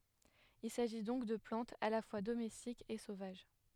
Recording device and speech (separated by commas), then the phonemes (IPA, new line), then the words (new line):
headset microphone, read sentence
il saʒi dɔ̃k də plɑ̃tz a la fwa domɛstikz e sovaʒ
Il s'agit donc de plantes à la fois domestiques et sauvages.